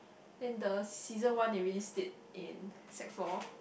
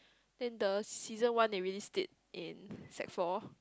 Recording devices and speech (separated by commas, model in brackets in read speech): boundary microphone, close-talking microphone, conversation in the same room